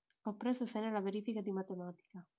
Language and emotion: Italian, neutral